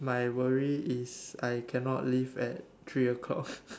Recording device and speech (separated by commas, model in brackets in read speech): standing microphone, conversation in separate rooms